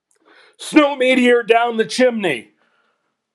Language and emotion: English, happy